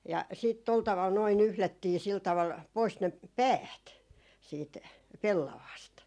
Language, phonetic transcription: Finnish, ja 'siit tol taval noi 'nyhlättii sil taval , 'pois ne , "päät , siit , 'pellavaast .
- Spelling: ja sitten tuolla tavalla nuo nyhdettiin sillä tavalla pois ne päät siitä pellavasta

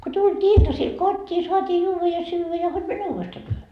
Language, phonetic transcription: Finnish, ku tult́ii 'iltasil "kot́t́ii , suatii 'juuva ja 'syyvä ja hod mäne "uuvestaa työhö .
- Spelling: kun tultiin iltasilla kotiin saatiin juoda ja syödä ja hod mene uudestaan työhön

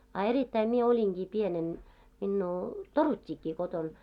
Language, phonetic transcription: Finnish, a erittäi mie "oliŋɢii 'pienen , minnuu , "torut́t́ikki koton .
- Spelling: a erittäin minä olinkin pienenä minua toruttiinkin kotona

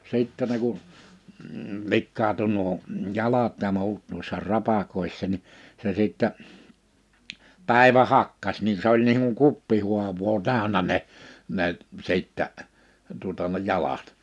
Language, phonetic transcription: Finnish, 'sìttɛ ne ku(n) , 'likkaatu nuo , 'jalat ja 'mu̬ut nuissa 'rapakòissa ni , se sìttɛ , 'pä̀ivä 'hakkas ni se ‿oĺ niiŋ kuŋ 'kuppihuav̀oo 'tä̀önä ne , ne , 'sìttä , tuᵒta ne 'jalat .
- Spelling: sitten ne kun likaantui nuo jalat ja muut noissa rapakoissa niin se sitten päivä hakkasi niin se oli niin kuin kuppihaavaa täynnä ne ne sitten tuota ne jalat

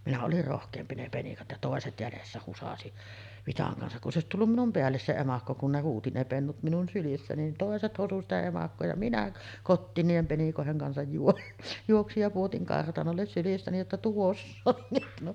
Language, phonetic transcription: Finnish, 'minä olir rohk̀eempi 'ne 'penikat ja 'tòeset jälessä husasi , 'vitaŋ kansak kun s ‿òesit tullum 'minum 'peälles 'se 'emakko kun ne 'huuti ne pennut minun sylissä nin 'tòeset hosu sitä 'emakkoo ja "minä , 'kottiin niihem penikòeheŋ kansaj juo- , 'juoksij ja puotiŋ 'kartanolles sylistäni jotta » 'tuoss ‿oŋ kehno « .
- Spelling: minä olin rohkeampi ne penikat ja toiset jäljessä husasi vitsan kanssa kun se olisi tullut minun päälle se emakko kun ne huusi ne pennut minun sylissä niin toiset hosui sitä emakkoa ja minä kotiin niiden penikoiden kanssa - juoksin ja pudotin kartanolle sylistäni jotta tuossa on kehno

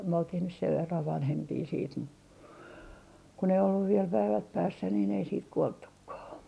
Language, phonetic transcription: Finnish, myö oltih nys sev verrav vanhempii siit mu , kun ‿ei olluv viel päivät päässä niin ei siit 'kuolttukkaa .
- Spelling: me oltiin nyt sen verran vanhempia sitten mutta kun ei ollut vielä päivät päässä niin ei sitten kuoltukaan

